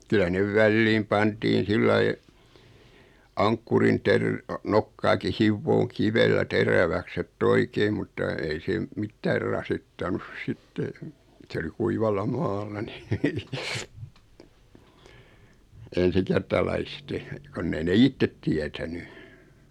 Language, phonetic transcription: Finnish, 'kyla nev "välliim 'pantiin̬ 'sillai , 'aŋkkurin terr- , 'nokkaaki "hivvooŋ 'kivellä "teräväks ‿et"t ‿oikeim mutta 'ei se m- , "mittäär rasittanus 'sitte , 'sᵉ oli 'kuivalla 'maalla ni , "ensikertalaiste , 'konn ‿ei 'ne "ittet 'tiätäny .
- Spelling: kyllä ne väliin pantiin sillä lailla ankkurin - nokkaakin hiomaan kivellä teräväksi että oikein mutta ei se - mitään rasittanut sitten se oli kuivalla maalla niin ensikertalaisten kun ei ne itse tietänyt

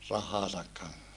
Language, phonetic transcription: Finnish, rahhaasak kan(ssa) .
- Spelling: rahojensa kanssa

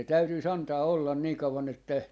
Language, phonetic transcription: Finnish, se 'täytyi's ‿antaa ollan nii kauwan ‿että , .
- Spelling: se täytyisi antaa olla niin kauan että

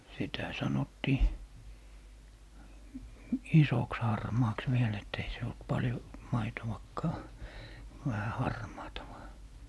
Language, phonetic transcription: Finnish, sitä 'sanottii , "isoks 'harmaaks viel ett ‿ei se olt 'paljo , 'maitowakkaa , 'vähä "harmaata vaa .
- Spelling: sitä sanottiin isoksi harmaaksi vielä että ei se ollut paljon maitoakaan vähän harmaata vain

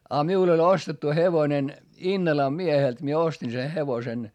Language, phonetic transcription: Finnish, a miul ‿oĺ ostettu hevonen , Innalam miehelt mie ostin se hevosen .
- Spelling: ja minulla oli ostettu hevonen Innalan mieheltä minä ostin sen hevosen

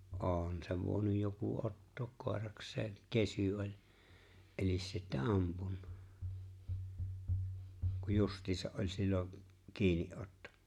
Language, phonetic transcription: Finnish, ’ôn sev 'vòi̬nuj joku '’ottook kòeraks̀eeŋ , "kesy 'oĺ̀ , '’elis sittä "ampunnᴀ , kuj 'just̀iisa’ ’oĺ̀ 'sil̜lo , 'kiini’ ’otto .
- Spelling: on sen voinut joku ottaa koirakseen kesy oli eli sitten ampunut kun justiinsa oli silloin kiinni otto

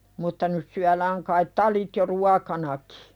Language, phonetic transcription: Finnish, mutta 'nyt̳ syälääŋ kait "talit jo 'ruakanakɪ .
- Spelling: mutta nyt syödään kai talit jo ruokana

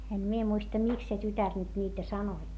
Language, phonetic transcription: Finnish, em mie muista miks se tytär nyt niitä sanoi .
- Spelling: en minä muista miksi se tytär nyt niitä sanoi

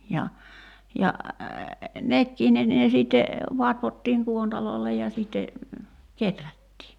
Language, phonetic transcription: Finnish, ja , ja , "nekkii ne ne 'sìtte , 'vatvottiiŋ "kuontalòi̬llej ja sìtte , 'keträttii .
- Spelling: ja ja nekin ne ne sitten vatvottiin kuontaloille ja sitten kehrättiin

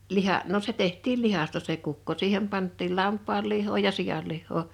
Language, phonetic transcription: Finnish, 'liha’ , no se 'teht̆tiil "lihasta se kukko 'siihem pant̆tiil 'lamp̆paal lih̆hoo ja 'sijal lihhoo .
- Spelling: liha no se tehtiin lihasta se kukko siihen pantiin lampaan lihaa ja sian lihaa

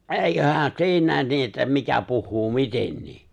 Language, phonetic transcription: Finnish, ’èiköhää 'siinä̀en 'nii että 'mikä puhhuu "mitennii !
- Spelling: eiköhän siinäkin niin että mikä puhuu mitenkin

